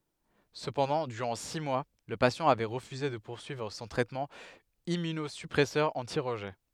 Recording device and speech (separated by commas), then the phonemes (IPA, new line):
headset microphone, read sentence
səpɑ̃dɑ̃ dyʁɑ̃ si mwa lə pasjɑ̃ avɛ ʁəfyze də puʁsyivʁ sɔ̃ tʁɛtmɑ̃ immynozypʁɛsœʁ ɑ̃ti ʁəʒɛ